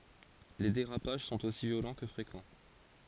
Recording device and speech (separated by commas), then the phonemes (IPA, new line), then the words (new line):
forehead accelerometer, read sentence
le deʁapaʒ sɔ̃t osi vjolɑ̃ kə fʁekɑ̃
Les dérapages sont aussi violents que fréquents.